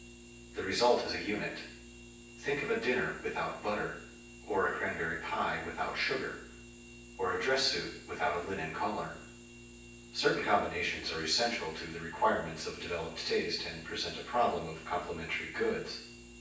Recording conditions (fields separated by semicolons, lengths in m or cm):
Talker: one person; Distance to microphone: 9.8 m; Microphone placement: far; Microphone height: 1.8 m; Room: large; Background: none